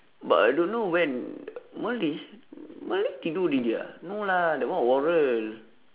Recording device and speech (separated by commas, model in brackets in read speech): telephone, conversation in separate rooms